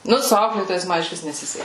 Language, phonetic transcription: Lithuanian, ˈnu su ˈauklėtojais ˈma išˈvis neˈsiseki

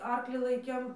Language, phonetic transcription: Lithuanian, ˈarklį ˈlaikėm

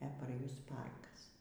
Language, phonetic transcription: Lithuanian, e par ˈjus ˈparkas

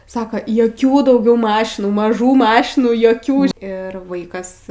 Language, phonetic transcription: Lithuanian, ˈsaka joˈkių dauˈgiau ˈmašinų maˈžų ˈmašinųˈjokių ˈir ˈvaikas

